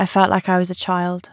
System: none